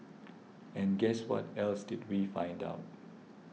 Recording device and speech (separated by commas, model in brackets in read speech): mobile phone (iPhone 6), read sentence